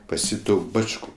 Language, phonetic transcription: Lithuanian, pas ˈjį ˈtų ˈbač'ku

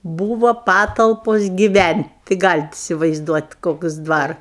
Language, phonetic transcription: Lithuanian, ˈbūvo ˈpatalpos giˈvænt' tai ˈgalit isivaizˈduot' ˈkoks ˈdvar

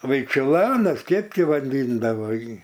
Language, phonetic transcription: Lithuanian, vaičiuˈlanas ˈkep ˈti vaˈdyndavo ˈjį

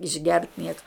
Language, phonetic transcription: Lithuanian, išˈgert ˈnieka

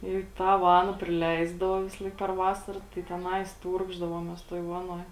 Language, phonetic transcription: Lithuanian, į ˈtą ˈvana priˈleisdavo ˈvisalaik per ˈvasara tai teˈnais ˈtūrkšdavomės tuoj ˈvanuoj

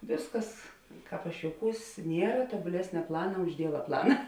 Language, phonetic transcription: Lithuanian, ˈvėsˌkas ˈkāp aš jouˈkūs ˈniera tuobuˈlesnia ˈplana už ˈdieva ˈplana

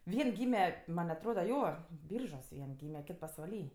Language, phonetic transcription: Lithuanian, ˈvien ˈgyme man atˈroda ˈjo ˈbyržuos ˈvien ˈgyme ˈkit pasvaˈly

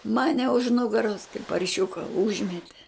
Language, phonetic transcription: Lithuanian, ˈmane už ˈnugaros kaip parˈšiuka ˈužmete

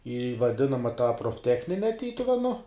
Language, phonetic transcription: Lithuanian, į vaˈdinama tą profˈtechnine ˈtytuvenu

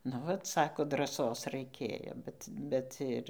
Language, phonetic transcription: Lithuanian, nu ˈvat ˈsako draˈsos raiˈkėjo ˈbet ˈbet ir

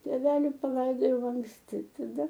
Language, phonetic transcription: Lithuanian, tėˈveli paˈlaidojau anksˈti taˈda

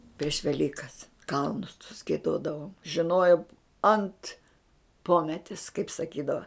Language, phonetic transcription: Lithuanian, prieš veˈlykas ˈkalnus tus gieˈdodavom žiˈnojom ant ˈpometis kaip saˈkydava

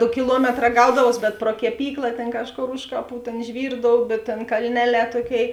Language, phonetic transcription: Lithuanian, ˈdo kiˈluometˌrā ˈgaudavos bet pro keˈpykla ˈtėn ˈkažˌkor ˈuž kaˌpų ˈtėn ˈžvyrdoubė ˈtėn kalˈneˌlē ˈtuoˌkėi

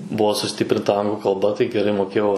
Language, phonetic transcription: Lithuanian, ˈbuo suˈstiprinta ˈanglu kalˈba tai geˈrai moˈkėjau

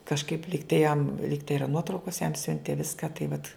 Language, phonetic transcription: Lithuanian, kažˈkaip ˈlygtai jam ˈlygtai ˈyra ˈnuotraukos jam ˈsiuntė ˈviską tai vat

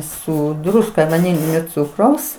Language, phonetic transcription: Lithuanian, ˈsu ˈdruska vaˈnilinio ˈcukraus

